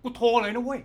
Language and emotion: Thai, angry